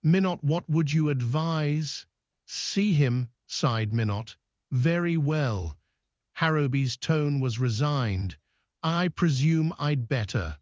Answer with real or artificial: artificial